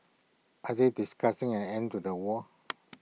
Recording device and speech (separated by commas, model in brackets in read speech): mobile phone (iPhone 6), read sentence